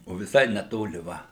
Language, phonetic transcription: Lithuanian, o viˈsai neˈtoli ˈva

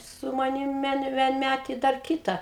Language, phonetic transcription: Lithuanian, su maˈnim ˈvien vienˈmætė i dar ˈkyta

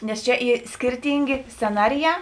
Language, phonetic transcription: Lithuanian, nes ˈčia ˈy ˈskirtyngė sceˈnariˌjā

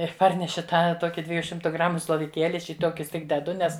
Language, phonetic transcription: Lithuanian, ir ˈparneši ˈtą ˈtoki ˈdveju ˈšimtu ˈgramu sloviˈkėli ˈaš į ˈtokius ˈtik deˈdu ˈnes

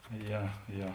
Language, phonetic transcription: Lithuanian, ˈje ˈje

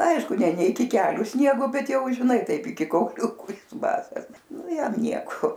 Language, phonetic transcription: Lithuanian, ˈaišku ne ˈne iki ˈkeliu ˈsniego ˈbet ˈjau žiˈnai ˈtaip iˈki kauˈliuku ˈjis ˈbasas ˈnu ˈjam ˈnieko

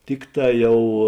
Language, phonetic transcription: Lithuanian, ˈtikˌtā ˈjau

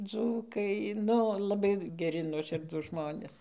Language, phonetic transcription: Lithuanian, ˈdzūkai ˈnu laˈbai geˈri nuoˈširdūs ˈžmonės

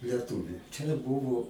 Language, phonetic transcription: Lithuanian, leˈtūviu čia ˈbuvo

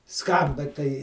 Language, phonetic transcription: Lithuanian, ˈskamba tai

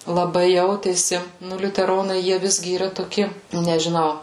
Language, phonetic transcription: Lithuanian, laˈbai ˈjautėsi ˈnu liuteˈronai ˈjie ˈvisgi yˈra toˈki nežiˈnau

